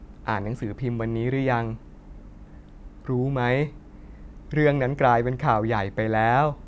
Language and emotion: Thai, happy